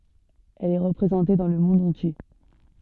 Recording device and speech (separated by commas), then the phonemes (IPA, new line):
soft in-ear microphone, read sentence
ɛl ɛ ʁəpʁezɑ̃te dɑ̃ lə mɔ̃d ɑ̃tje